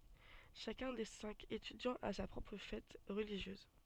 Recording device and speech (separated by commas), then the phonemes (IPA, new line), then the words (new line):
soft in-ear microphone, read sentence
ʃakœ̃ de sɛ̃k etydjɑ̃z a sa pʁɔpʁ fɛt ʁəliʒjøz
Chacun des cinq étudiants a sa propre fête religieuse.